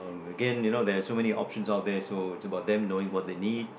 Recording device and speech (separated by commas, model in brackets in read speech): boundary microphone, conversation in the same room